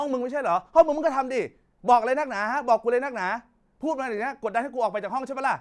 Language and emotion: Thai, angry